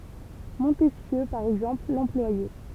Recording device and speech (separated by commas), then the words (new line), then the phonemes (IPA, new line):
temple vibration pickup, read sentence
Montesquieu, par exemple, l'employait.
mɔ̃tɛskjø paʁ ɛɡzɑ̃pl lɑ̃plwajɛ